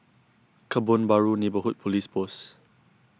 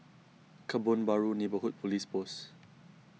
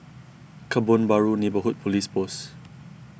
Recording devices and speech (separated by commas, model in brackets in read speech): close-talking microphone (WH20), mobile phone (iPhone 6), boundary microphone (BM630), read sentence